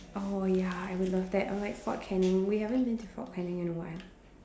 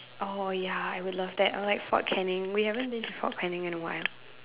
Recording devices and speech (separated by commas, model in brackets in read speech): standing microphone, telephone, conversation in separate rooms